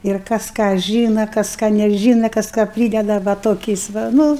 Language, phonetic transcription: Lithuanian, ir ˈkas ką ˈžyna ˈkas ˈką neˈžyna ˈkas ką ˈprydeda va ˈtokiais va ˈnu

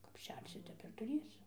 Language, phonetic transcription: Lithuanian, kap ˈšersi ˈtep ir tuˈrėsi

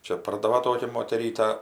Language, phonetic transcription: Lithuanian, ˈčia ˈpardava ˈtokia moteˈryta

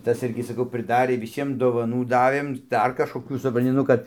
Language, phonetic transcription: Lithuanian, ˈtas ˈirgi saˈkau prɨˈdarė viˈsiem dovaˈnų ˈdavėm ˈdar kažkoˈkių supranˈti ˈnu kad

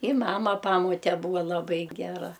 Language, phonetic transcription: Lithuanian, i ˈmama ˈpamote ˈbūva laˈbai geˈra

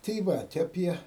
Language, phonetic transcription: Lithuanian, tai ˈvat aˈpie

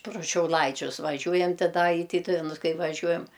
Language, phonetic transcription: Lithuanian, pru šiauˈlaičius vaˈžiujant ti ˈda i ˈtytuvenus ˈkai vaˈžiuojam

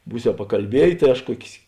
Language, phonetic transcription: Lithuanian, ˈbūsiau pakalˈbiejė tai ˈaš ˈkuokės

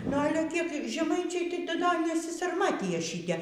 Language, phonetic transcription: Lithuanian, nu ˈale kiek žeˈmaičiai tai ti da nesysarˈmatija ˈšyte

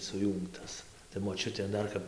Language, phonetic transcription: Lithuanian, suˈjūngtas tai moˈčiutė ˈdar kap

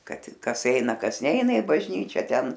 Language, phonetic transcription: Lithuanian, ˈkad ˈkas ˈeina ˈkas ˈneina i bažˈnyčia ˈten

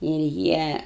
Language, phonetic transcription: Lithuanian, ir ˈjie

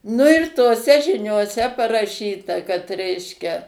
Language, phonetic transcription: Lithuanian, nu ir toˈse žinioˈse paraˈšyta kad ˈreiškia

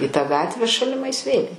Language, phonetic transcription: Lithuanian, į tą ˈgatvę šaliˈmais vėl'

